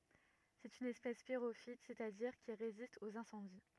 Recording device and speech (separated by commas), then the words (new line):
rigid in-ear microphone, read sentence
C'est une espèce pyrophyte, c'est-à-dire qui résiste aux incendies.